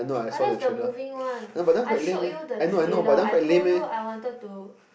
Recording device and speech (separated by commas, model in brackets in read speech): boundary microphone, conversation in the same room